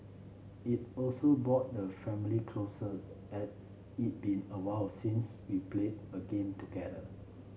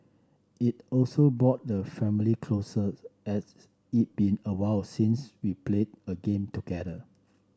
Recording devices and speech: mobile phone (Samsung C7), standing microphone (AKG C214), read sentence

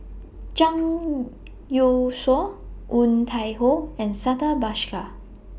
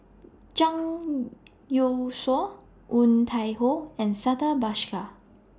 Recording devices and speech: boundary microphone (BM630), standing microphone (AKG C214), read sentence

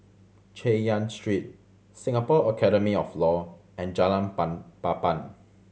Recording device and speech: mobile phone (Samsung C7100), read sentence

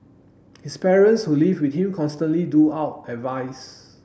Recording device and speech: boundary microphone (BM630), read sentence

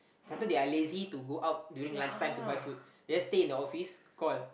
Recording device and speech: boundary microphone, conversation in the same room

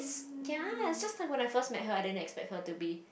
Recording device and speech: boundary microphone, conversation in the same room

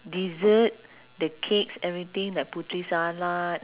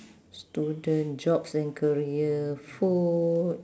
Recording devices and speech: telephone, standing microphone, conversation in separate rooms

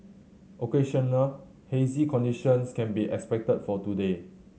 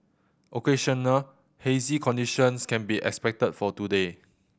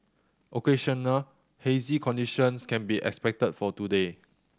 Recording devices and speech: mobile phone (Samsung C7100), boundary microphone (BM630), standing microphone (AKG C214), read sentence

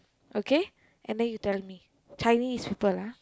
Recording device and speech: close-talking microphone, conversation in the same room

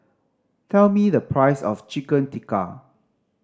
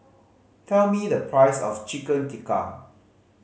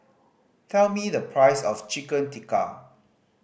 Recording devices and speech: standing microphone (AKG C214), mobile phone (Samsung C5010), boundary microphone (BM630), read sentence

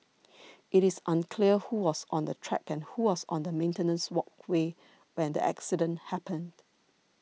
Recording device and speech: mobile phone (iPhone 6), read sentence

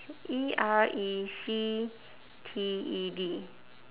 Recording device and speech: telephone, conversation in separate rooms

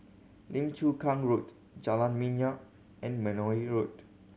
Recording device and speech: mobile phone (Samsung C7100), read sentence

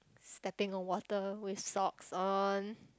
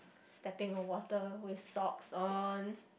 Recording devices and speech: close-talking microphone, boundary microphone, conversation in the same room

